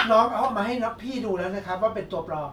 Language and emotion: Thai, neutral